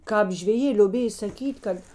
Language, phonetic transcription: Lithuanian, ˈkāp žveˈjė lioˈbėj saˈkyt' ˈkad

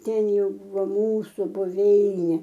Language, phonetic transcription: Lithuanian, ˈten ˈjau ˈbūvo ˈmūsu buˈveinė

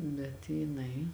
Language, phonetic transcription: Lithuanian, bet jiˈnai

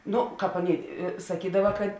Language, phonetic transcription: Lithuanian, ˈno ˈkāp ˈaˌnėi saˈkydava kad

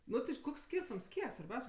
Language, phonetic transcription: Lithuanian, ˈnu ti ˈkoks ˈskyrtums ˈkiek svarˈbiaus'

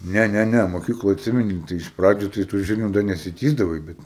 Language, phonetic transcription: Lithuanian, ˈne ˈne ˈne moˈkykloj atˈsimeni ˈtai iš ˈpradžiu tai tų ˈžirniu ˈda nesiˈtįsdavai bet

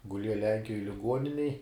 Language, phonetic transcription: Lithuanian, guˈlieja ˈlenkijoj liˈguoninej

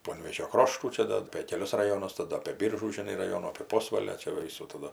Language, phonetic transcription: Lithuanian, ˈponvėžio ˈkroštų ˈčia da apė keˈlius raˈjonus taˈda apė ˈbyržų žiˈnai raˈjonų apė ˈposvalio čia ˈva ˈvysų taˈdu

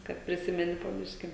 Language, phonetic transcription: Lithuanian, ˈkad priˈsimeni po ˈbiški

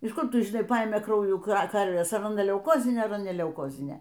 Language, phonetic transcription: Lithuanian, iš ˈkur ˈtu žiˈnai ˈpaėmė ˈkraujų ˈkarvės ar aˈna leuˈkozinė ar aˈna ne leuˈkozinė

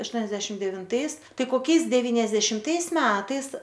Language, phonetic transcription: Lithuanian, ašˈtuoniasdešim devinˈtais ˈtai koˈkiais deviniasdešimˈtais ˈmetais

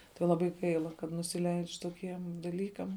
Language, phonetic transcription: Lithuanian, tai laˈbai ˈgaila kad nusiˈleidž' toˈkiem daˈlykam

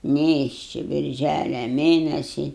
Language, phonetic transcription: Lithuanian, ˈnėšči birˈžælia ˈmėnesi

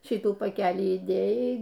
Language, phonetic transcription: Lithuanian, ˈšytų paˈkelį įˈdėjai

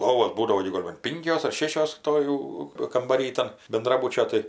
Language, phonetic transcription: Lithuanian, ˈ lovos ˈbūdavo gi ˈ gol' ban ˈpinkios ar ˈšėšios ˈto jau kambaˈry ˈtan benˈdrabučio ˈtai

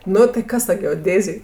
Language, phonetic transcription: Lithuanian, ˈnu tai ˈkas ta geoˈdėzėj

